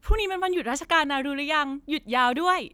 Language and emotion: Thai, happy